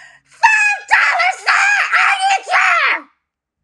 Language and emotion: English, angry